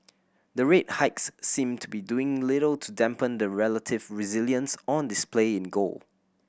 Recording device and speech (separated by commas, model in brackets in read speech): boundary microphone (BM630), read sentence